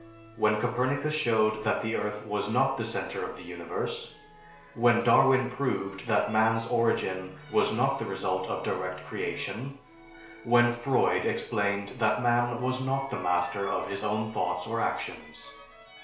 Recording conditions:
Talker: one person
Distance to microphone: 1.0 m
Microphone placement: close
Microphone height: 1.1 m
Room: small (3.7 m by 2.7 m)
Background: music

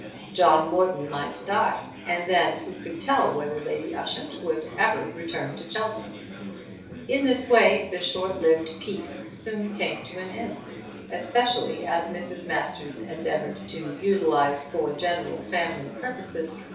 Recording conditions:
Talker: one person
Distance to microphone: 3.0 m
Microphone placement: far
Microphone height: 1.8 m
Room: small (3.7 m by 2.7 m)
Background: babble

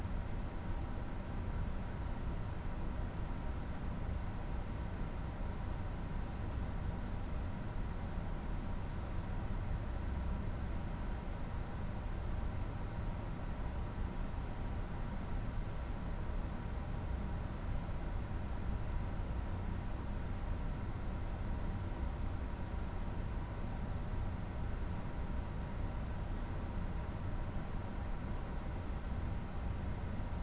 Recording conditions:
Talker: no one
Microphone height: 99 cm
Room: medium-sized (5.7 m by 4.0 m)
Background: none

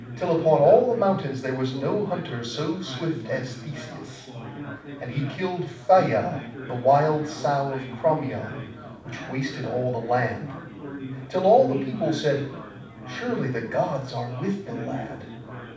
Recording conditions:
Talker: one person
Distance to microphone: 5.8 m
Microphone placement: far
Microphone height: 1.8 m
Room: medium-sized (5.7 m by 4.0 m)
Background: babble

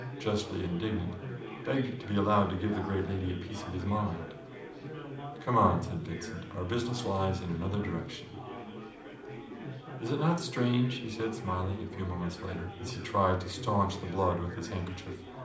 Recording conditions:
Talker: one person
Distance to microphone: 2.0 m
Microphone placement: close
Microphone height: 99 cm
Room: medium-sized (5.7 m by 4.0 m)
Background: babble

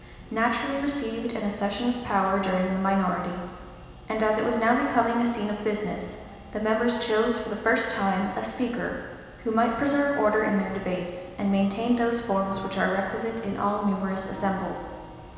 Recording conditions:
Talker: one person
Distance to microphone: 1.7 m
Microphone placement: close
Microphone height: 1.0 m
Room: very reverberant, large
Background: music

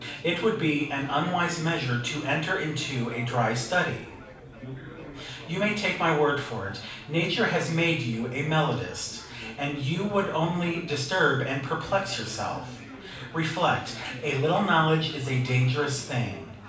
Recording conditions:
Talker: one person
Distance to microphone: 5.8 m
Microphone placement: far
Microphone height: 1.8 m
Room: medium-sized (5.7 m by 4.0 m)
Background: babble

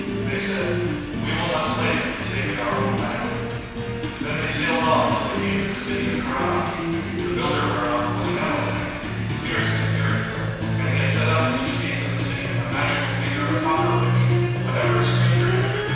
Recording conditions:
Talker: one person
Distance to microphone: 7.1 m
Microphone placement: far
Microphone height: 1.7 m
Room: very reverberant, large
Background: music

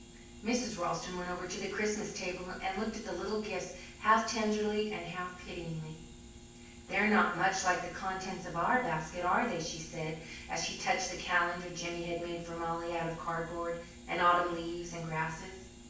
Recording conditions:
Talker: one person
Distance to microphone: 9.8 m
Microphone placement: far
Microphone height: 1.8 m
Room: large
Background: none

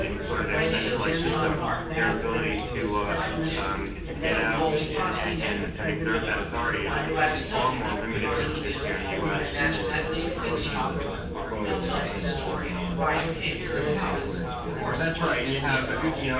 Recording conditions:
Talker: one person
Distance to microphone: 9.8 m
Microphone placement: far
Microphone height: 1.8 m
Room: large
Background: babble

